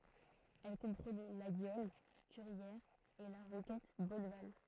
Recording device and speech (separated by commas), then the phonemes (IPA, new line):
throat microphone, read sentence
ɛl kɔ̃pʁənɛ laɡjɔl kyʁjɛʁz e la ʁokɛt bɔnval